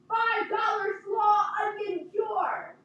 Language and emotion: English, neutral